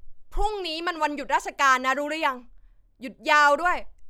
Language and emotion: Thai, angry